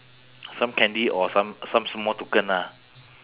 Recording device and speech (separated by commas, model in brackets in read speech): telephone, conversation in separate rooms